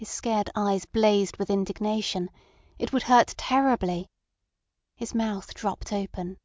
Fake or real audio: real